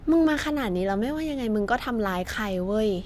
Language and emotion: Thai, frustrated